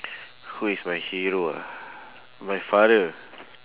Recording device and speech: telephone, conversation in separate rooms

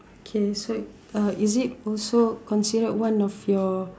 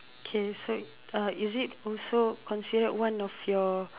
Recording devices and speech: standing microphone, telephone, conversation in separate rooms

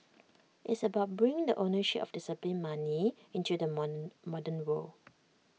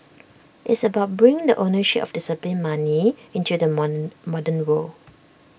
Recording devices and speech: mobile phone (iPhone 6), boundary microphone (BM630), read sentence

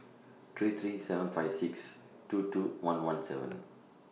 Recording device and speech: mobile phone (iPhone 6), read sentence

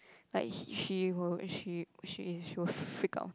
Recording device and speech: close-talking microphone, conversation in the same room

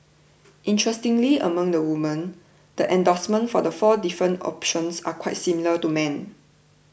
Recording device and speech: boundary microphone (BM630), read sentence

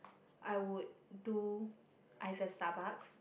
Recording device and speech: boundary microphone, conversation in the same room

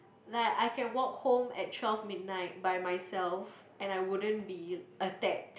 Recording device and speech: boundary microphone, conversation in the same room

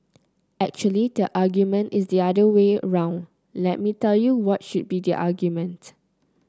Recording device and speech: close-talking microphone (WH30), read sentence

